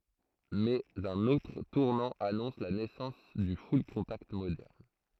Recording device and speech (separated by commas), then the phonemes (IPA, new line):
throat microphone, read sentence
mɛz œ̃n otʁ tuʁnɑ̃ anɔ̃s la nɛsɑ̃s dy fyllkɔ̃takt modɛʁn